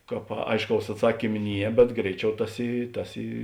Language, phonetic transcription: Lithuanian, ˈkāp ˈaišˌkaus atˈsakym ˈnie bet ˈgreiˌčiau ˈtas ˈy ˈtas ˈy

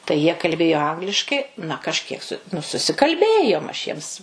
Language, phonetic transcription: Lithuanian, tai jie kalˈbėjo ˈangliškai na kažˈkiek su nu susikalˈbėjom aš ˈjiems

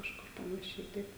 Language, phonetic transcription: Lithuanian, kažˈkur panaˈšiai ˈtaip

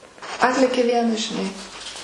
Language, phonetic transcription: Lithuanian, ˈatlėkė ˈvienas žiˈnai

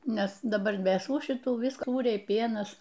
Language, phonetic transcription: Lithuanian, ˈnes daˈbar vėsų šiˈtų visk ˈsūriai ˈpienas

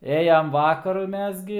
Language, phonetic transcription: Lithuanian, ˈėjam ˈvakaru ˈmes gi

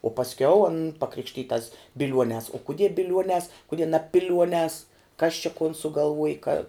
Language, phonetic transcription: Lithuanian, o pasˈkiau an paˈkrikštytas biˈliuonēs o kuˈdie biˈliuonēs kuˈdie na ˈpiliuonēs kas čia kon sugalˈvuoj ka

